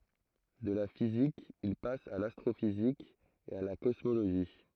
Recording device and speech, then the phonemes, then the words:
throat microphone, read sentence
də la fizik il pas a lastʁofizik e a la kɔsmoloʒi
De la physique, il passe à l'astrophysique et à la cosmologie.

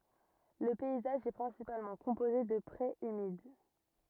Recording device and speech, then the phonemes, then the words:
rigid in-ear microphone, read sentence
lə pɛizaʒ ɛ pʁɛ̃sipalmɑ̃ kɔ̃poze də pʁez ymid
Le paysage est principalement composé de prés humides.

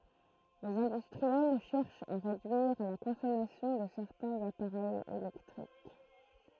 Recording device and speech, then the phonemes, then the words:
throat microphone, read sentence
lez ɛ̃dystʁiɛl ʃɛʁʃt a ʁedyiʁ la kɔ̃sɔmasjɔ̃ də sɛʁtɛ̃z apaʁɛjz elɛktʁik
Les industriels cherchent à réduire la consommation de certains appareils électriques.

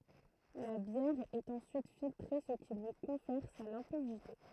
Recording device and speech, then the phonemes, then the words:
throat microphone, read sentence
la bjɛʁ ɛt ɑ̃syit filtʁe sə ki lyi kɔ̃fɛʁ sa lɛ̃pidite
La bière est ensuite filtrée ce qui lui confère sa limpidité.

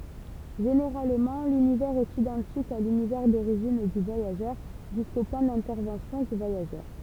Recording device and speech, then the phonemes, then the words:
temple vibration pickup, read sentence
ʒeneʁalmɑ̃ lynivɛʁz ɛt idɑ̃tik a lynivɛʁ doʁiʒin dy vwajaʒœʁ ʒysko pwɛ̃ dɛ̃tɛʁvɑ̃sjɔ̃ dy vwajaʒœʁ
Généralement, l'univers est identique à l'univers d'origine du voyageur, jusqu'au point d'intervention du voyageur.

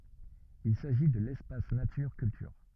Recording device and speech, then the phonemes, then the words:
rigid in-ear microphone, read sentence
il saʒi də lɛspas natyʁ kyltyʁ
Il s'agit de l'Espace Nature Culture.

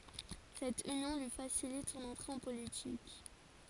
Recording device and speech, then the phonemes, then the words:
forehead accelerometer, read sentence
sɛt ynjɔ̃ lyi fasilit sɔ̃n ɑ̃tʁe ɑ̃ politik
Cette union lui facilite son entrée en politique.

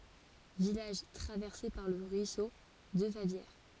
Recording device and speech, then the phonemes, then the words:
forehead accelerometer, read sentence
vilaʒ tʁavɛʁse paʁ lə ʁyiso də favjɛʁ
Village traversé par le ruisseau de Favières.

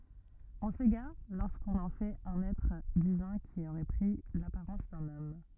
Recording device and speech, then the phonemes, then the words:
rigid in-ear microphone, read sentence
ɔ̃ seɡaʁ loʁskɔ̃n ɑ̃ fɛt œ̃n ɛtʁ divɛ̃ ki oʁɛ pʁi lapaʁɑ̃s dœ̃n ɔm
On s'égare lorsqu'on en fait un être divin qui aurait pris l'apparence d'un homme.

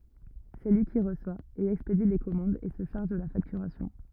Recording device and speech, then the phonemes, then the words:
rigid in-ear microphone, read sentence
sɛ lyi ki ʁəswa e ɛkspedi le kɔmɑ̃dz e sə ʃaʁʒ də la faktyʁasjɔ̃
C'est lui qui reçoit et expédie les commandes et se charge de la facturation.

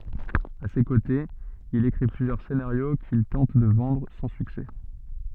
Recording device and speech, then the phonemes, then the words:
soft in-ear microphone, read sentence
a se kotez il ekʁi plyzjœʁ senaʁjo kil tɑ̃t də vɑ̃dʁ sɑ̃ syksɛ
À ses côtés, il écrit plusieurs scénarios qu'il tente de vendre, sans succès.

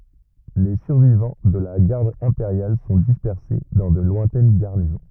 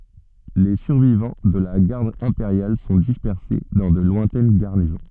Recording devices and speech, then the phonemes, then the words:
rigid in-ear microphone, soft in-ear microphone, read sentence
le syʁvivɑ̃ də la ɡaʁd ɛ̃peʁjal sɔ̃ dispɛʁse dɑ̃ də lwɛ̃tɛn ɡaʁnizɔ̃
Les survivants de la Garde impériale sont dispersés dans de lointaines garnisons.

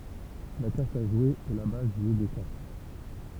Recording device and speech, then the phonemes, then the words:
temple vibration pickup, read sentence
la kaʁt a ʒwe ɛ la baz dy ʒø də kaʁt
La carte à jouer est la base du jeu de cartes.

